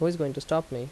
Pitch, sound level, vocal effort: 145 Hz, 82 dB SPL, normal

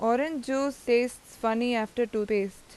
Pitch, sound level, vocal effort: 240 Hz, 88 dB SPL, loud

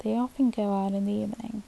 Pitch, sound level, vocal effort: 215 Hz, 76 dB SPL, soft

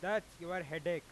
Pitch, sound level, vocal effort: 175 Hz, 100 dB SPL, loud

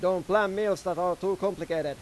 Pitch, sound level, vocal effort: 180 Hz, 98 dB SPL, loud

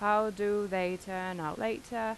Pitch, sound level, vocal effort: 205 Hz, 87 dB SPL, normal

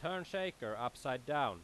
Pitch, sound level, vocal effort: 140 Hz, 93 dB SPL, very loud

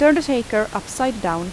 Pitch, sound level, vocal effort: 235 Hz, 84 dB SPL, loud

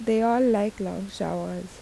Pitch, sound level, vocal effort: 205 Hz, 80 dB SPL, soft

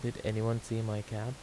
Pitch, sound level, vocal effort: 115 Hz, 79 dB SPL, soft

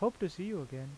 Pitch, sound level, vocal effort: 190 Hz, 84 dB SPL, normal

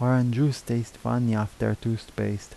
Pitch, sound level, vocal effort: 115 Hz, 78 dB SPL, soft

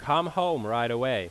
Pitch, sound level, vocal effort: 145 Hz, 94 dB SPL, very loud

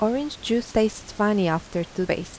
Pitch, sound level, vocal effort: 210 Hz, 82 dB SPL, soft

